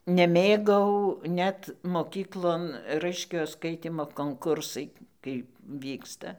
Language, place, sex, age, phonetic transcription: Lithuanian, Dzūkija, female, 60+, neˈmėgau ˈnet moˈkyklon ˈraiškiojo ˈskaitymo konˈkursai kaip ˈvyksta

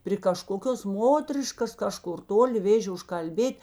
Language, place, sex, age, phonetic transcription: Lithuanian, Žemaitija, female, 60+, pri kaˈžkokios ˈmotriškas ˈkaˌžkur ˈtoli ˈvėžė užkalˈbėt'

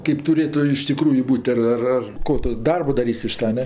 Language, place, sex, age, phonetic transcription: Lithuanian, Aukštaitija, female, 60+, keip tuˈrėtu iš tiˈkrųju ˈbūt' ar ˈar ˈar ˈko tu ˈdarbo daˈrys' iš ˈta a ˈne

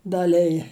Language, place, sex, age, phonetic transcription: Lithuanian, Žemaitija, female, 60+, daˈlija

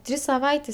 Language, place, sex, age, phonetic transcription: Lithuanian, Aukštaitija, female, 18-60, ˈtrys saˈvaitės

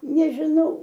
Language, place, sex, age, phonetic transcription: Lithuanian, Aukštaitija, female, 60+, nežiˈnau

